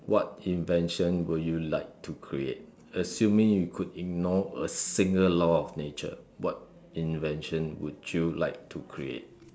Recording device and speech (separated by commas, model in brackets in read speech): standing microphone, conversation in separate rooms